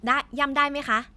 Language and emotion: Thai, neutral